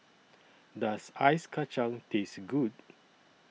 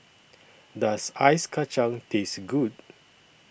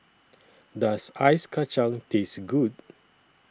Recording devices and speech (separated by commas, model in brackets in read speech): mobile phone (iPhone 6), boundary microphone (BM630), standing microphone (AKG C214), read sentence